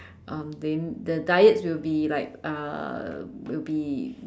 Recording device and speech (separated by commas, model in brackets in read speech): standing microphone, conversation in separate rooms